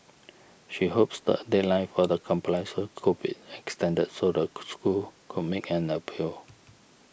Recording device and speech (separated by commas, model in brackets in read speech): boundary microphone (BM630), read sentence